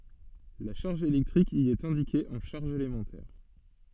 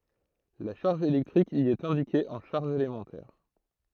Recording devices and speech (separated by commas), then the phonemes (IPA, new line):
soft in-ear microphone, throat microphone, read sentence
la ʃaʁʒ elɛktʁik i ɛt ɛ̃dike ɑ̃ ʃaʁʒz elemɑ̃tɛʁ